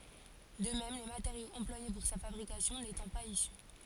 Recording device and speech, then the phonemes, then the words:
forehead accelerometer, read sentence
də mɛm le mateʁjoz ɑ̃plwaje puʁ sa fabʁikasjɔ̃ netɑ̃ paz isy
De même, les matériaux employés pour sa fabrication n'étant pas issus.

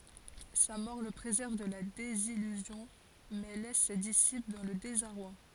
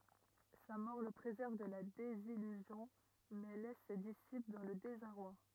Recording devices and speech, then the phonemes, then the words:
forehead accelerometer, rigid in-ear microphone, read sentence
sa mɔʁ lə pʁezɛʁv də la dezijyzjɔ̃ mɛ lɛs se disipl dɑ̃ lə dezaʁwa
Sa mort le préserve de la désillusion, mais laisse ses disciples dans le désarroi.

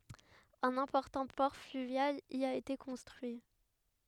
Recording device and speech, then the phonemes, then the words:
headset microphone, read sentence
œ̃n ɛ̃pɔʁtɑ̃ pɔʁ flyvjal i a ete kɔ̃stʁyi
Un important port fluvial y a été construit.

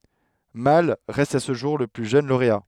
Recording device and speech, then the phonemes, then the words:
headset microphone, read sentence
mal ʁɛst a sə ʒuʁ lə ply ʒøn loʁea
Malle reste à ce jour le plus jeune lauréat.

